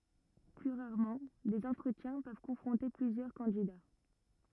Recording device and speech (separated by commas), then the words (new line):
rigid in-ear microphone, read sentence
Plus rarement, des entretiens peuvent confronter plusieurs candidats.